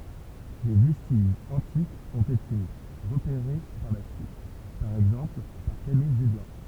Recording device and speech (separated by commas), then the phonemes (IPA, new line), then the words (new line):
temple vibration pickup, read sentence
de vɛstiʒz ɑ̃tikz ɔ̃t ete ʁəpeʁe paʁ la syit paʁ ɛɡzɑ̃pl paʁ kamij ʒyljɑ̃
Des vestiges antiques ont été repérés par la suite, par exemple par Camille Jullian.